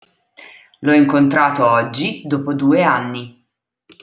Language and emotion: Italian, neutral